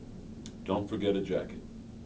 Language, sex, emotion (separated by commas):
English, male, neutral